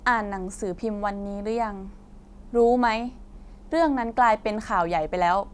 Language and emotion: Thai, frustrated